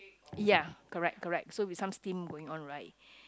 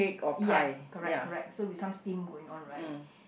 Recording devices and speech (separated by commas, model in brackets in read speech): close-talking microphone, boundary microphone, conversation in the same room